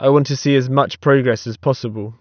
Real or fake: real